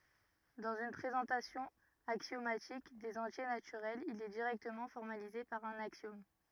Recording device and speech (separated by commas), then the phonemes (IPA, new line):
rigid in-ear microphone, read sentence
dɑ̃z yn pʁezɑ̃tasjɔ̃ aksjomatik dez ɑ̃tje natyʁɛlz il ɛ diʁɛktəmɑ̃ fɔʁmalize paʁ œ̃n aksjɔm